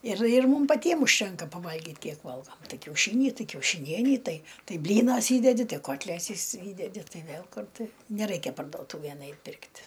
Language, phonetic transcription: Lithuanian, ir ir ˈmum paˈtiem užˈtenka paˈvalgit ˈkiek ˈvalgom ˈtai kiauˈšyni ˈtai kiaušiˈnienį ˈtai ˈtai ˈblynas ˈįdedi ˈtai ˈkotlesis ˈįdedi ˈtai ˈvėl ˈkur ˈtai neˈraikia pardoˈtūvėn ˈait' ˈpirkt'

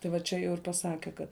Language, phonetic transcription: Lithuanian, tai va ˈčia jau ir paˈsake ˈkad

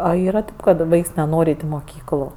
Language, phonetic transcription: Lithuanian, a ˈyra ˈkad ˈvaiks neˈnor' ˈait' i moˈkyklu

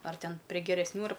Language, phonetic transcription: Lithuanian, ar ˈten prie geresˈnių ar

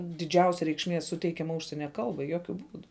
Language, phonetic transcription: Lithuanian, diˈdžiausia reikšˈmie ˈsuteikiama ˈužsienia ˈkalbai ˈjokiu ˈbūdu

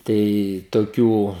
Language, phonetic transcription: Lithuanian, ˈtai toˈkių

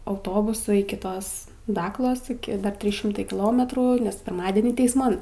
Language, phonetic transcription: Lithuanian, auˈtobusu iki ˈtos ˈdaklos iˈki ˈdar ˈtrys ˈšimtai kiˈlometrų nes pirˈmadenį teisˈman

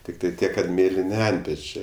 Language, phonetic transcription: Lithuanian, ˈtiktai ˈtiek kad ˈmėlini ˈantpečė

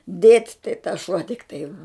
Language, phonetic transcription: Lithuanian, dėt' tai tas šuo tikˈtai

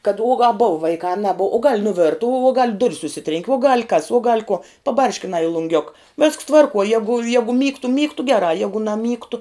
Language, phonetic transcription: Lithuanian, kad uo ga bova ˈvaikā a naˈbov o gal' nuˈvirta uo uo gal' ˈdur's užˈsitrenki uo gal' kas uo gal' kuo paˈbarškinā i lunˈgiuk vesks ˈtvarkuo ˈjegu ˈjegu ˈmygtu ˈmygtu ˈgerā ˈjagu naˈmygtu

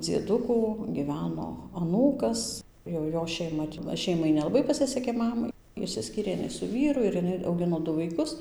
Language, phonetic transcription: Lithuanian, dzieˈdukų gyˈveno aˈnūkas jau ˈjo šeiˈma ˈšeimai nelaˈbai paˈsisekė ˈmamai išsiˈskyrė jiˈnai su ˈvyru ir jiˈnai auˈgino ˈdu vaiˈkus

